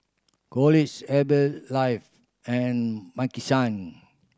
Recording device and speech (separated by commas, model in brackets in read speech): standing microphone (AKG C214), read sentence